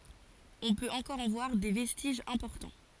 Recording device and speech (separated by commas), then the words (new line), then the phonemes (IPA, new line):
forehead accelerometer, read sentence
On peut encore en voir des vestiges importants.
ɔ̃ pøt ɑ̃kɔʁ ɑ̃ vwaʁ de vɛstiʒz ɛ̃pɔʁtɑ̃